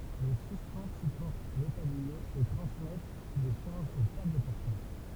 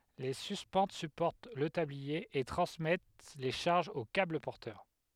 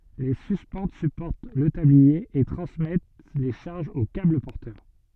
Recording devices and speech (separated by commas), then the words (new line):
temple vibration pickup, headset microphone, soft in-ear microphone, read sentence
Les suspentes supportent le tablier et transmettent les charges aux câbles porteurs.